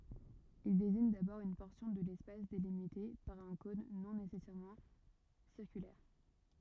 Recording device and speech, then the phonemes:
rigid in-ear microphone, read sentence
il deziɲ dabɔʁ yn pɔʁsjɔ̃ də lɛspas delimite paʁ œ̃ kɔ̃n nɔ̃ nesɛsɛʁmɑ̃ siʁkylɛʁ

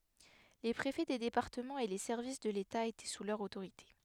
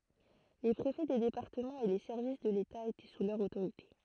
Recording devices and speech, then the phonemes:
headset microphone, throat microphone, read sentence
le pʁefɛ de depaʁtəmɑ̃z e le sɛʁvis də leta etɛ su lœʁ otoʁite

